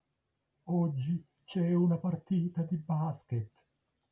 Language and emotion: Italian, neutral